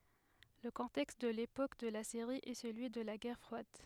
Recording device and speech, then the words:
headset microphone, read sentence
Le contexte de l'époque de la série est celui de la guerre froide.

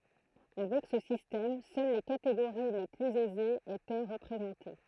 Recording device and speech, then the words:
throat microphone, read sentence
Avec ce système, seules les catégories les plus aisées étaient représentées.

